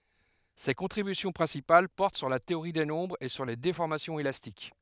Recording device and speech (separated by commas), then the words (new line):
headset microphone, read sentence
Ses contributions principales portent sur la théorie des nombres et sur les déformations élastiques.